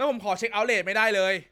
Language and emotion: Thai, angry